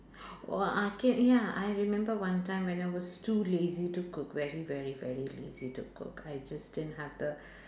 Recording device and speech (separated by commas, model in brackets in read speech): standing microphone, conversation in separate rooms